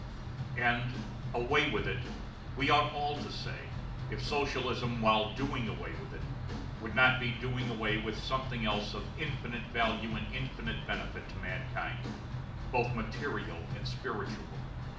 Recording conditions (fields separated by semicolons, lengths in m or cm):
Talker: one person; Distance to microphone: 2.0 m; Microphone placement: close; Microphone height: 99 cm; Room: medium-sized (5.7 m by 4.0 m); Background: music